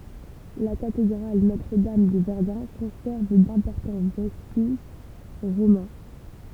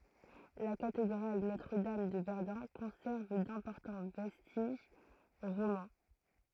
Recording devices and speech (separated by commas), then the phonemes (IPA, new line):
temple vibration pickup, throat microphone, read sentence
la katedʁal notʁədam də vɛʁdœ̃ kɔ̃sɛʁv dɛ̃pɔʁtɑ̃ vɛstiʒ ʁomɑ̃